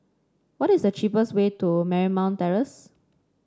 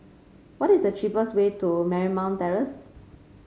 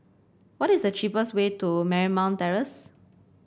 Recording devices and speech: standing microphone (AKG C214), mobile phone (Samsung C5), boundary microphone (BM630), read sentence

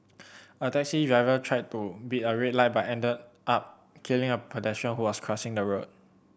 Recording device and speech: boundary microphone (BM630), read sentence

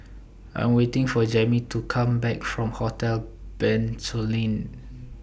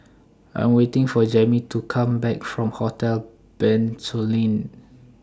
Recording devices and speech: boundary microphone (BM630), standing microphone (AKG C214), read sentence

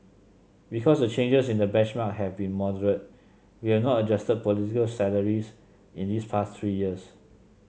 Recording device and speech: mobile phone (Samsung C7), read sentence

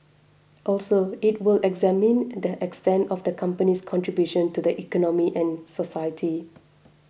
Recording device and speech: boundary microphone (BM630), read sentence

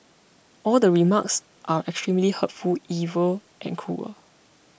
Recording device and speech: boundary microphone (BM630), read sentence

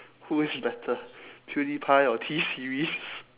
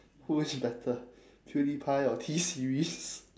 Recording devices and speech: telephone, standing microphone, conversation in separate rooms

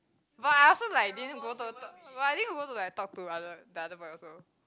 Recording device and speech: close-talking microphone, conversation in the same room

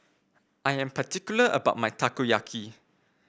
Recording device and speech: boundary microphone (BM630), read sentence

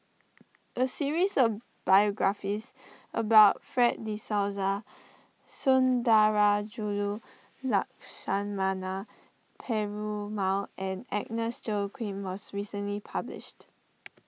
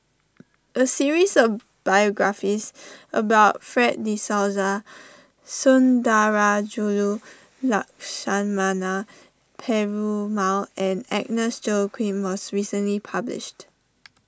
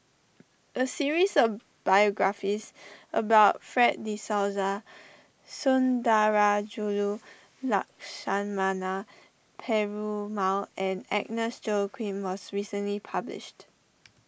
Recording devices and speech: mobile phone (iPhone 6), standing microphone (AKG C214), boundary microphone (BM630), read sentence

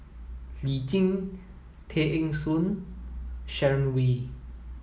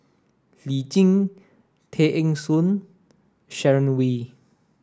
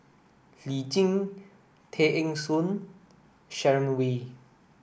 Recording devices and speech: mobile phone (iPhone 7), standing microphone (AKG C214), boundary microphone (BM630), read sentence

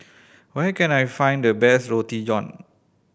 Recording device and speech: boundary microphone (BM630), read sentence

